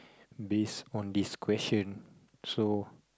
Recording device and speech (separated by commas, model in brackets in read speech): close-talking microphone, conversation in the same room